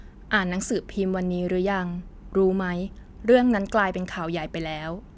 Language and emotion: Thai, neutral